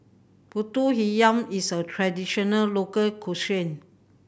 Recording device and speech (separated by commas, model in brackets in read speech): boundary microphone (BM630), read sentence